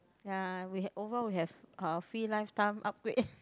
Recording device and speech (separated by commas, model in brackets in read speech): close-talking microphone, conversation in the same room